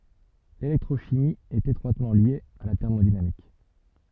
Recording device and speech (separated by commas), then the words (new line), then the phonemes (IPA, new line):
soft in-ear microphone, read sentence
L'électrochimie est étroitement liée à la thermodynamique.
lelɛktʁoʃimi ɛt etʁwatmɑ̃ lje a la tɛʁmodinamik